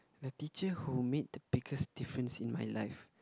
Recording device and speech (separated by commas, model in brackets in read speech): close-talking microphone, conversation in the same room